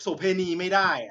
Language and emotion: Thai, frustrated